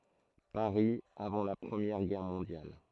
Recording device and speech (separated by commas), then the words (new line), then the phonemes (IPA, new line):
throat microphone, read sentence
Paris, avant la Première Guerre mondiale.
paʁi avɑ̃ la pʁəmjɛʁ ɡɛʁ mɔ̃djal